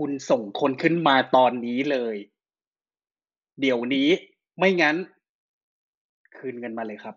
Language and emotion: Thai, angry